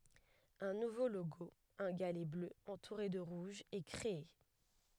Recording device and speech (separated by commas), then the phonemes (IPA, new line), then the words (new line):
headset microphone, read sentence
œ̃ nuvo loɡo œ̃ ɡalɛ blø ɑ̃tuʁe də ʁuʒ ɛ kʁee
Un nouveau logo, un galet bleu entouré de rouge, est créé.